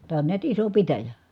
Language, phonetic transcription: Finnish, tää on niät iso pitäjä .
- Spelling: tämä on näet iso pitäjä

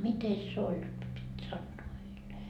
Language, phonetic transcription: Finnish, 'mites se 'oĺ jot pit 'sannoo heil ?
- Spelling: mitenkäs se oli jotta piti sanoa heille

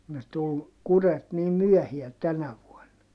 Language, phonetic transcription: Finnish, ne tul , kuret niim myɔ̈̀hiä tänä vuonna .
- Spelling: ne tuli kurjet niin myöhään tänä vuonna

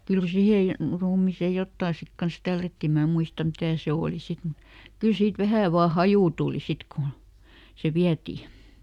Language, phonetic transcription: Finnish, ˈkyl ˈsihè , "ruumìsè ˈjottà sit kans "tällätti mä ˈmuistam ˈmitä̀ se "òli ˈsit mut , ˈkyl siit "vähä̀ vaa "hajù tùli ˈsit kun , se ˈviäti .
- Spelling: kyllä siihen ruumiiseen jotakin sitten kanssa tällättiin minä muista mitä se oli sitten mutta kyllä siitä vähän vain haju tuli sitten kun se vietiin

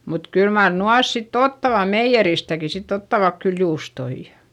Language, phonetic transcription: Finnish, mut kyl mar nuas sitt ‿ottava meijjeristäki sitt ‿ottavak kyl juustoijA .
- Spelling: mutta kyllä mar nuo sitten ottavat meijeristäkin sitten ottavat kyllä juustoja

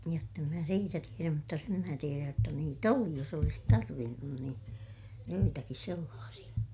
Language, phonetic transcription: Finnish, jott ‿em mä siitä tieräm mutta sem mää tieräj jotta niit ‿oli jos ‿olis tarvinnun niin , joitakis sellaasiʲa .
- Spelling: jotta en minä siitä tiedä mutta sen minä tiedän jotta niitä oli jos olisi tarvinnut niin joitakin sellaisia

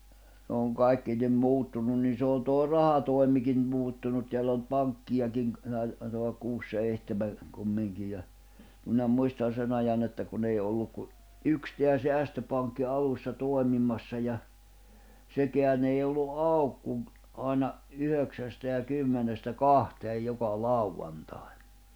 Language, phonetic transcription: Finnish, n ‿ooŋ 'kaikki nim 'muuttunun nii se on tòi̬ 'rahatòi̬mikin , 'muuttunut tḙäll ‿on ʿⁿʸᵗʾ 'paŋkkijakiŋ ‿k- , näil- , [tai]toa ollak 'kuus "seihteme , 'kummiŋkij ja , minä 'muistan̬ 'sen ‿ajan ‿että kun ‿ei olluk ku , "yks teä 'seästöpaŋkki 'alussa 'tòi̬mimassa ja , 'sekeän ‿ei ollu "’auk kuŋ ‿k- , àina , 'yhöksästä ja 'kymmenestä "kahteej joka "lauwantài̬(ɴ) .
- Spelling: ne on kaikki niin muuttunut niin se on toi rahatoimikin muuttunut täällä on nyt pankkejakin - - taitaa olla kuusi seitsemän kumminkin ja minä muistan sen ajan että kun ei ollut kuin yksi tämä säästöpankki alussa toimimassa ja sekään ei ollut auki kuin - aina yhdeksästä ja kymmenestä kahteen joka lauantain

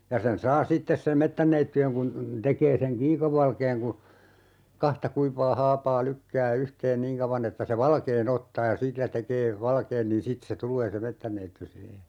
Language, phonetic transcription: Finnish, 'ja sen 'saa "sittes seᵐ 'mettänneitty₍eŋ kun , 'tekee seŋ "kiikəv̀alkeeŋ ku , 'kahta 'kuiv̆vaa 'haapaa 'lykkää 'yhteen "niiŋ kauva'n ‿että se "valkee'n ‿ottaa ja "sillä 'tekee 'valkeen niin "sit se 'tul̀ee se "mettänneitty 'siihe .
- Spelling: ja sen saa sitten sen metsänneidin kun tekee sen kiikovalkean kun kahta kuivaa haapaa lykkää yhteen niin kauan että se valkean ottaa ja sillä tekee valkean niin sitten se tulee se metsänneiti siihen

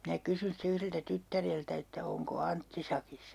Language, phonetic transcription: Finnish, minä "kysyn ste 'yhreltä 'tyttäreltä että » 'oŋko "Antti 'sakissa ?
- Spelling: minä kysyin sitten yhdeltä tyttäreltä että onko Antti sakissa

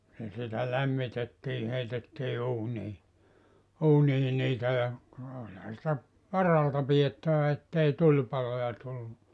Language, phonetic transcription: Finnish, ja sitä 'lämmitettii 'heitettii 'uunii , 'uunii 'niitä ja , (no) olha sⁱtä , "varalta 'piʲettävä ettei 'tuĺpaloja tullu .
- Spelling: ja sitä lämmitettiin heitettiin uuniin uuniin niitä ja no olihan sitä varalta pidettävä että ei tulipaloja tullut

